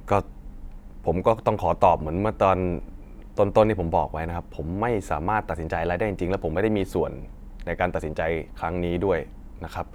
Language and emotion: Thai, frustrated